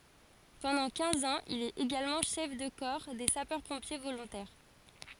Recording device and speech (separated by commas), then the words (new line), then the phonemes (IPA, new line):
forehead accelerometer, read sentence
Pendant quinze ans, il est également chef de corps des sapeurs-pompiers volontaires.
pɑ̃dɑ̃ kɛ̃z ɑ̃z il ɛt eɡalmɑ̃ ʃɛf də kɔʁ de sapœʁ pɔ̃pje volɔ̃tɛʁ